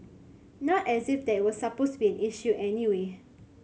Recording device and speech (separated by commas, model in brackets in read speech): mobile phone (Samsung C7100), read sentence